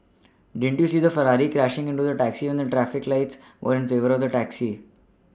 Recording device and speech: standing microphone (AKG C214), read sentence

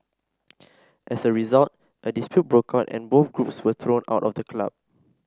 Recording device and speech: standing microphone (AKG C214), read sentence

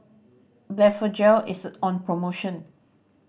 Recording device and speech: boundary microphone (BM630), read sentence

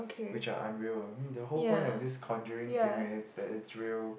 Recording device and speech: boundary microphone, conversation in the same room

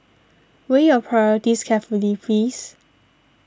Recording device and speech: standing microphone (AKG C214), read sentence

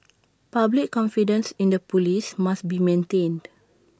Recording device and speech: standing microphone (AKG C214), read sentence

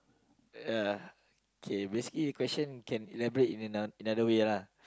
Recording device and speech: close-talking microphone, conversation in the same room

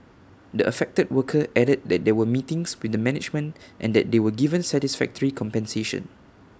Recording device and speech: standing microphone (AKG C214), read sentence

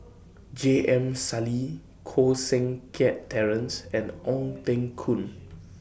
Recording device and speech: boundary microphone (BM630), read sentence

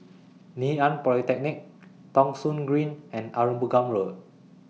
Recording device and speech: mobile phone (iPhone 6), read sentence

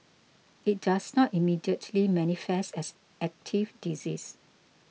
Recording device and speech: mobile phone (iPhone 6), read sentence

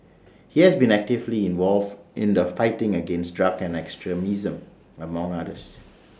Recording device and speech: standing microphone (AKG C214), read sentence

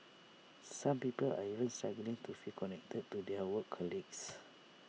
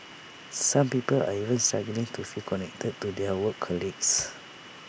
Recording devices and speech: mobile phone (iPhone 6), boundary microphone (BM630), read sentence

